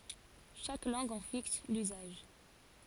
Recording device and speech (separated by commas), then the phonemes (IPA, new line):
forehead accelerometer, read sentence
ʃak lɑ̃ɡ ɑ̃ fiks lyzaʒ